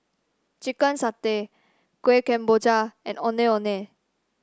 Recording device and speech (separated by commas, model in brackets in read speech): standing microphone (AKG C214), read sentence